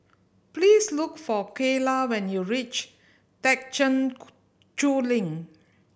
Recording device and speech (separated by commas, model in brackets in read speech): boundary microphone (BM630), read sentence